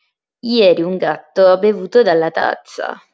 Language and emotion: Italian, disgusted